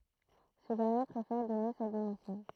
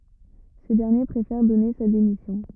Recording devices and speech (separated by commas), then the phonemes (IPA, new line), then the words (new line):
throat microphone, rigid in-ear microphone, read sentence
sə dɛʁnje pʁefɛʁ dɔne sa demisjɔ̃
Ce dernier préfère donner sa démission.